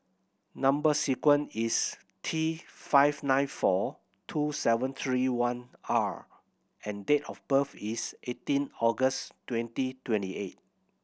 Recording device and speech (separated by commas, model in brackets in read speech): boundary microphone (BM630), read sentence